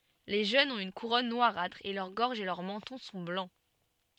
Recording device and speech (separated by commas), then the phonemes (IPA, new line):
soft in-ear microphone, read sentence
le ʒønz ɔ̃t yn kuʁɔn nwaʁatʁ e lœʁ ɡɔʁʒ e lœʁ mɑ̃tɔ̃ sɔ̃ blɑ̃